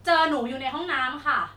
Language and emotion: Thai, frustrated